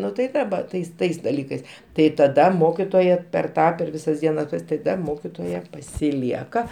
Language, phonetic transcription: Lithuanian, ˈnu tai ˈva ˈtais ˈtais daˈlykais tai taˈda ˈmokitoja per ˈtą per ˈvisas ˈdienas taˈda ˈmokitoja pasiˈlieka

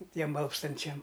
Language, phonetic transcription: Lithuanian, ˈtiem ˈalpstančiam

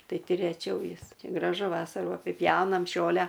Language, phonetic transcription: Lithuanian, ˈtai ˈti reˈčiau ˈjis graˈžu ˈvasarų apiˈpjaunam ˈžole

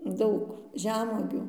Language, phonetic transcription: Lithuanian, ˈdaug ˈžemuogių

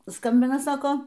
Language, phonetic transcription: Lithuanian, ˈskambina ˈsako

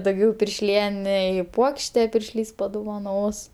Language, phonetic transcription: Lithuanian, dauˈgiau piršˈlienei ˈpuokšte piršˈlys paduvaˈnos

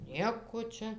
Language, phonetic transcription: Lithuanian, ˈnieko ˈčia

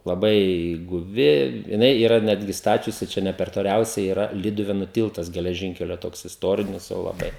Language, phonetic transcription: Lithuanian, laˈbai guˈvi jiˈnai yˈra ˈnetgi ˈstačiusi ˈčia ˈne per toˈliausiai yˈra ˈlyduvėnu ˈtiltas geleˈžinkelio ˈtoks isˈtorinis jau laˈbai

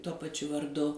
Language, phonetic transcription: Lithuanian, tuo paˈčiu varˈdu

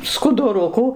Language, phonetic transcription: Lithuanian, skuduˈrukų

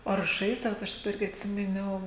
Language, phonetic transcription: Lithuanian, o ar ˈžaisdavot ˈaš daˈba ˈirgi atˈsimiˌniau

